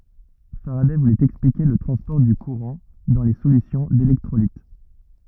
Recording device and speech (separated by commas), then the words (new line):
rigid in-ear microphone, read sentence
Faraday voulait expliquer le transport du courant dans les solutions d'électrolytes.